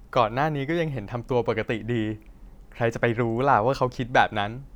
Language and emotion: Thai, neutral